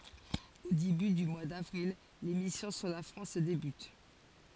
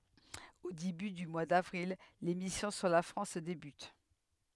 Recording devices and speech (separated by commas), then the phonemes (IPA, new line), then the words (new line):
forehead accelerometer, headset microphone, read sentence
o deby dy mwa davʁil le misjɔ̃ syʁ la fʁɑ̃s debyt
Au début du mois d'avril, les missions sur la France débutent.